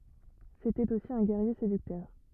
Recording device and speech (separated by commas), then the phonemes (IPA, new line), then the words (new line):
rigid in-ear microphone, read sentence
setɛt osi œ̃ ɡɛʁje sedyktœʁ
C'était aussi un guerrier séducteur.